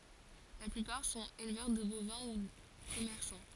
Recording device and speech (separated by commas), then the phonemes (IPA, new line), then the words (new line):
forehead accelerometer, read sentence
la plypaʁ sɔ̃t elvœʁ də bovɛ̃ u kɔmɛʁsɑ̃
La plupart sont éleveurs de bovins ou commerçants.